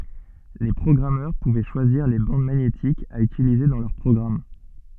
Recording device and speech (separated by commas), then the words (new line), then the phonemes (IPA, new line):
soft in-ear microphone, read sentence
Les programmeurs pouvaient choisir les bandes magnétiques à utiliser dans leurs programmes.
le pʁɔɡʁamœʁ puvɛ ʃwaziʁ le bɑ̃d maɲetikz a ytilize dɑ̃ lœʁ pʁɔɡʁam